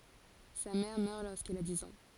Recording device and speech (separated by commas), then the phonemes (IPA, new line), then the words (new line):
forehead accelerometer, read sentence
sa mɛʁ mœʁ loʁskil a diz ɑ̃
Sa mère meurt lorsqu'il a dix ans.